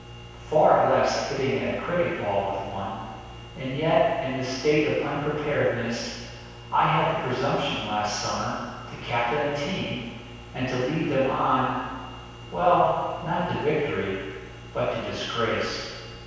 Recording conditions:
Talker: one person; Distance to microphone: 7.1 m; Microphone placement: far; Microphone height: 1.7 m; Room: very reverberant, large; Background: none

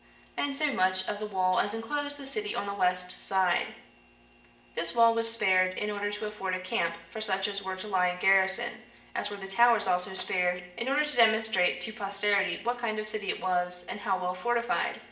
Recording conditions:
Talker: one person; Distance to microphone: 1.8 m; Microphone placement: close; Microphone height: 1.0 m; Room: large; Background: none

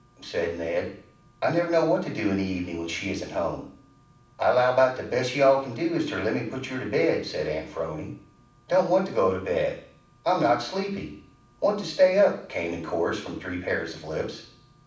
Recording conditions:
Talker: one person; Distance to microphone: 5.8 m; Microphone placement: far; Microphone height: 1.8 m; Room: medium-sized (5.7 m by 4.0 m); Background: none

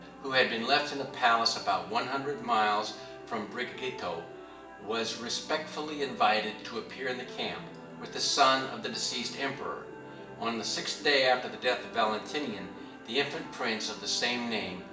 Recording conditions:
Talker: one person; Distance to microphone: 1.8 m; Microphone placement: close; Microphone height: 1.0 m; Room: large; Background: television

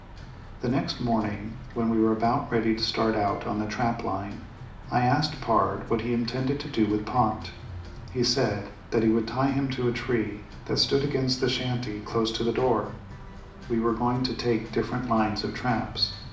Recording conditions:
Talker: one person; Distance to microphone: 2.0 m; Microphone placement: close; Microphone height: 99 cm; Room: medium-sized (5.7 m by 4.0 m); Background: music

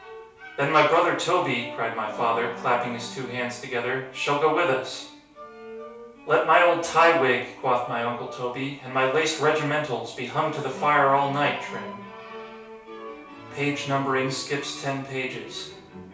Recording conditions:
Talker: one person; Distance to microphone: 3.0 m; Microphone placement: far; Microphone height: 1.8 m; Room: small (3.7 m by 2.7 m); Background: music

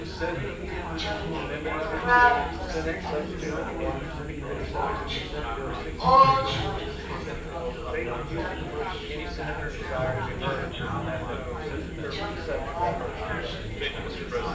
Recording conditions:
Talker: one person; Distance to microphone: 9.8 m; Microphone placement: far; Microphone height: 1.8 m; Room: large; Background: babble

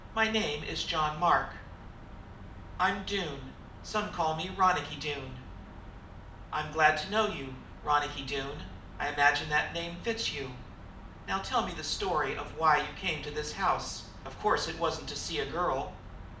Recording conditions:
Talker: one person; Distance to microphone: 2.0 m; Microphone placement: close; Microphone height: 99 cm; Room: medium-sized (5.7 m by 4.0 m); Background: none

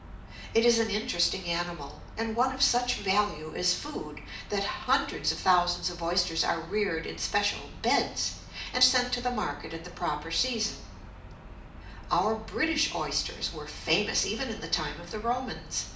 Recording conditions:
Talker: one person; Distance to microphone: 2.0 m; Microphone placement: close; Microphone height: 99 cm; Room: medium-sized (5.7 m by 4.0 m); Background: none

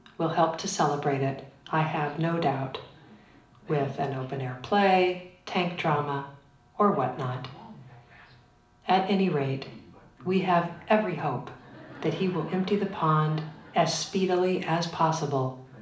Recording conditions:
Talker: one person; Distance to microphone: 2.0 m; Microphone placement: close; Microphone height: 99 cm; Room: medium-sized (5.7 m by 4.0 m); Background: television

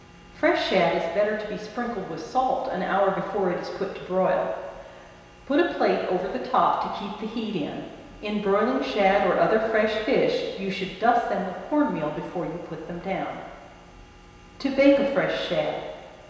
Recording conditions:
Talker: one person; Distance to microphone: 1.7 m; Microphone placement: close; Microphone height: 1.0 m; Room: very reverberant, large; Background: none

